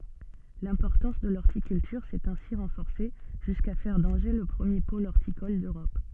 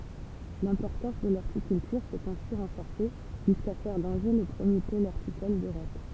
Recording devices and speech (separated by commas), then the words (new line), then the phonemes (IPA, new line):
soft in-ear microphone, temple vibration pickup, read sentence
L'importance de l'horticulture s’est ainsi renforcée jusqu'à faire d'Angers le premier pôle horticole d’Europe.
lɛ̃pɔʁtɑ̃s də lɔʁtikyltyʁ sɛt ɛ̃si ʁɑ̃fɔʁse ʒyska fɛʁ dɑ̃ʒe lə pʁəmje pol ɔʁtikɔl døʁɔp